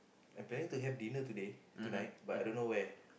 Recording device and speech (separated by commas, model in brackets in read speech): boundary microphone, conversation in the same room